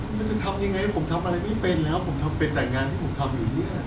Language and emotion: Thai, frustrated